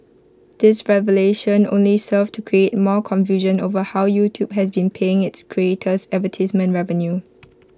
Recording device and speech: close-talking microphone (WH20), read sentence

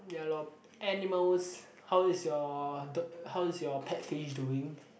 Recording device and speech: boundary microphone, conversation in the same room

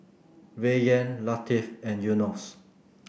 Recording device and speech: boundary microphone (BM630), read sentence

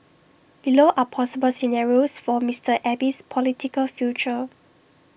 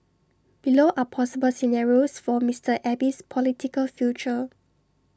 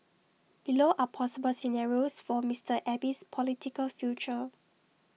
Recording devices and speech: boundary microphone (BM630), standing microphone (AKG C214), mobile phone (iPhone 6), read sentence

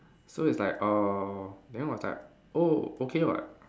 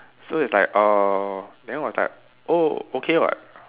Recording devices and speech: standing microphone, telephone, conversation in separate rooms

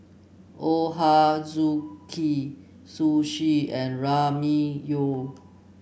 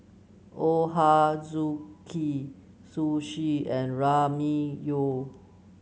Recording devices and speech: boundary microphone (BM630), mobile phone (Samsung C9), read sentence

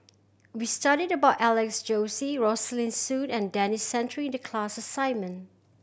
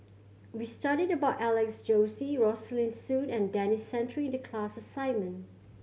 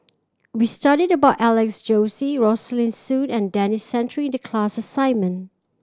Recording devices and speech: boundary microphone (BM630), mobile phone (Samsung C7100), standing microphone (AKG C214), read sentence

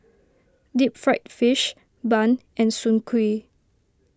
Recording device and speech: standing microphone (AKG C214), read sentence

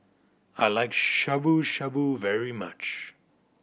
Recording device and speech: boundary microphone (BM630), read sentence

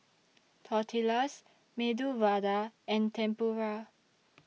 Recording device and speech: mobile phone (iPhone 6), read sentence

